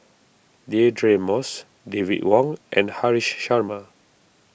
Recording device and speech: boundary microphone (BM630), read sentence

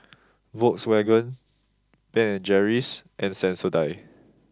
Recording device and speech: close-talking microphone (WH20), read sentence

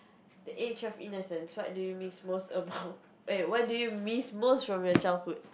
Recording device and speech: boundary microphone, conversation in the same room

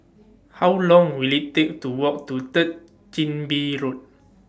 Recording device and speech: standing microphone (AKG C214), read sentence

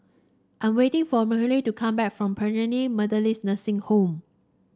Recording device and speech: standing microphone (AKG C214), read sentence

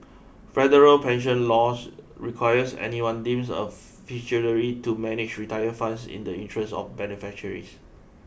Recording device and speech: boundary microphone (BM630), read sentence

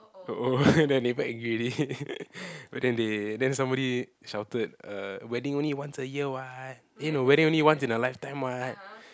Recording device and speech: close-talking microphone, conversation in the same room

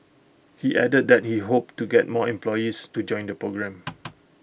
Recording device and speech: boundary microphone (BM630), read sentence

